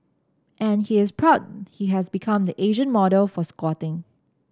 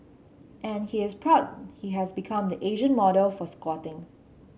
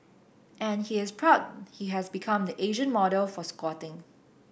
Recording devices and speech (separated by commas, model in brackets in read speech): standing microphone (AKG C214), mobile phone (Samsung C7), boundary microphone (BM630), read sentence